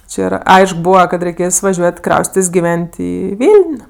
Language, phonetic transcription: Lithuanian, či ˈyra ˈaišk ˈbūva kad reiˈkės vaˈžiuot' ˈkraustitės' giˈven't' ˈį ˈviln'

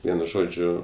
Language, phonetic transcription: Lithuanian, ˈvienu ˈžodžiu

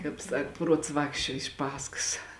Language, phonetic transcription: Lithuanian, ˈkāp ˈsak ˈpruots ˈvākščiuo iš ˈpaskas

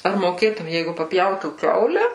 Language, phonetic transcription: Lithuanian, ar moˈkėtum ˈjeigu papˈjautų ˈkiaule

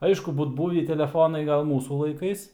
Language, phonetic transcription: Lithuanian, ˈaišku ˈbūt ˈbūvį teleˈfonai ˈgal ˈmūsų laiˈkais

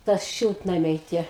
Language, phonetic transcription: Lithuanian, ˈtas ˈšiltnamiai ˈtie

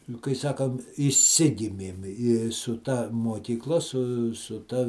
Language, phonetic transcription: Lithuanian, nu kai ˈsakam išˈsigimėm i su ˈta muokykˈla su su ta

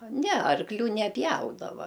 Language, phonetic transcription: Lithuanian, ˈne arkˈlių neˈpjaudava

